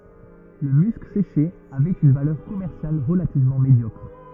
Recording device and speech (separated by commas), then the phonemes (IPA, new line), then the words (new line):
rigid in-ear microphone, read sentence
lə mysk seʃe avɛt yn valœʁ kɔmɛʁsjal ʁəlativmɑ̃ medjɔkʁ
Le musc séché avait une valeur commerciale relativement médiocre.